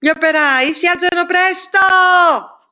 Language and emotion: Italian, angry